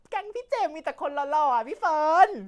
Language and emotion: Thai, happy